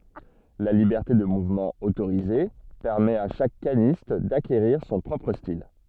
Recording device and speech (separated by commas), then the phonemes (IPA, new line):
soft in-ear microphone, read sentence
la libɛʁte də muvmɑ̃ otoʁize pɛʁmɛt a ʃak kanist dakeʁiʁ sɔ̃ pʁɔpʁ stil